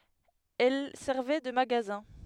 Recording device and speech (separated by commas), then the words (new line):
headset microphone, read sentence
Elles servaient de magasins.